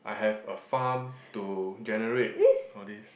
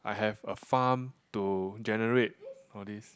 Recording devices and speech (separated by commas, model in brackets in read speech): boundary microphone, close-talking microphone, conversation in the same room